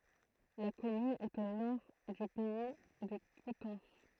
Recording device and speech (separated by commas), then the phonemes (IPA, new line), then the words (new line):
throat microphone, read sentence
la kɔmyn ɛt o nɔʁ dy pɛi də kutɑ̃s
La commune est au nord du Pays de Coutances.